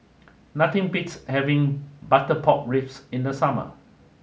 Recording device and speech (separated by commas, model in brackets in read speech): mobile phone (Samsung S8), read sentence